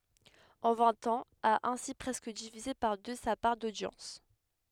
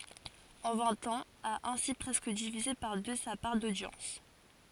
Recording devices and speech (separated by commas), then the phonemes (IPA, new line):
headset microphone, forehead accelerometer, read sentence
ɑ̃ vɛ̃t ɑ̃z a ɛ̃si pʁɛskə divize paʁ dø sa paʁ dodjɑ̃s